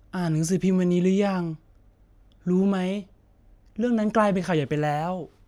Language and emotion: Thai, neutral